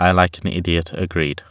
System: none